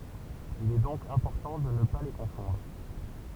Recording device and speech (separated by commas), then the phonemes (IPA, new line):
temple vibration pickup, read sentence
il ɛ dɔ̃k ɛ̃pɔʁtɑ̃ də nə pa le kɔ̃fɔ̃dʁ